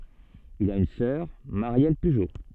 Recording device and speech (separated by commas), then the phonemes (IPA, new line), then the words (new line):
soft in-ear microphone, read sentence
il a yn sœʁ maʁjɛl pyʒo
Il a une sœur, Marielle Pujo.